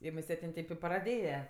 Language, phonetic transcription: Lithuanian, i muˈset' ˈin ˈtėp i praˈdėja

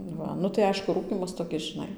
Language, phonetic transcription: Lithuanian, ˈva nu tai ˈaišku ˈrūkymas toˈkis žiˈnai

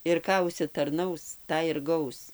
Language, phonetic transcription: Lithuanian, ir ˈką užsitarˈnaus ˈtą ir ˈgaus

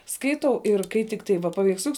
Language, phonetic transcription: Lithuanian, ˈskaitau ir kai ˈtikˌtai va paveiksˈliuks

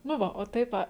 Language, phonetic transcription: Lithuanian, nu ˈva o ˈtaip ˈa

